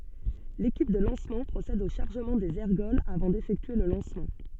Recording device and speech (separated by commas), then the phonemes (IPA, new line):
soft in-ear microphone, read sentence
lekip də lɑ̃smɑ̃ pʁosɛd o ʃaʁʒəmɑ̃ dez ɛʁɡɔlz avɑ̃ defɛktye lə lɑ̃smɑ̃